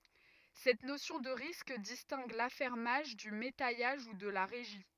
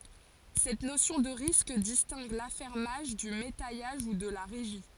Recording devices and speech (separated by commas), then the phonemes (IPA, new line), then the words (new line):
rigid in-ear microphone, forehead accelerometer, read sentence
sɛt nosjɔ̃ də ʁisk distɛ̃ɡ lafɛʁmaʒ dy metɛjaʒ u də la ʁeʒi
Cette notion de risque distingue l'affermage du métayage ou de la régie.